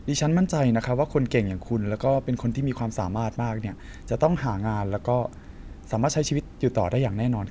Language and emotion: Thai, neutral